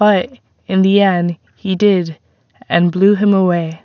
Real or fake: real